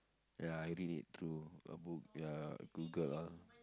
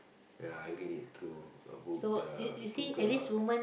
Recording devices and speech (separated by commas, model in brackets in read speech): close-talking microphone, boundary microphone, conversation in the same room